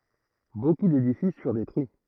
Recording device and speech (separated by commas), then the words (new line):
throat microphone, read sentence
Beaucoup d'édifices furent détruits.